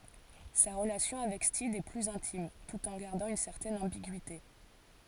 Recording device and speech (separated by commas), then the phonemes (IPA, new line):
forehead accelerometer, read sentence
sa ʁəlasjɔ̃ avɛk stid ɛ plyz ɛ̃tim tut ɑ̃ ɡaʁdɑ̃ yn sɛʁtɛn ɑ̃biɡyite